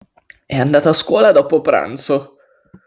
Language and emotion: Italian, disgusted